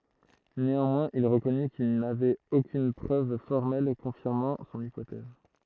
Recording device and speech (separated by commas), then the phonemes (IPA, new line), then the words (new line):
throat microphone, read sentence
neɑ̃mwɛ̃z il ʁəkɔny kil navɛt okyn pʁøv fɔʁmɛl kɔ̃fiʁmɑ̃ sɔ̃n ipotɛz
Néanmoins, il reconnut qu’il n’avait aucune preuve formelle confirmant son hypothèse.